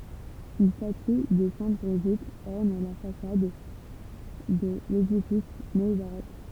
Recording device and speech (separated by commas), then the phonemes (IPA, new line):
temple vibration pickup, read sentence
yn staty də sɛ̃t bʁiʒit ɔʁn la fasad də ledifis neobaʁok